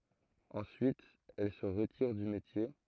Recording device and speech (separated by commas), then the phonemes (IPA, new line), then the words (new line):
throat microphone, read sentence
ɑ̃syit ɛl sə ʁətiʁ dy metje
Ensuite elle se retire du métier.